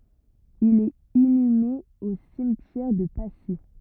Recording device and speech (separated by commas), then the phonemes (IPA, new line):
rigid in-ear microphone, read sentence
il ɛt inyme o simtjɛʁ də pasi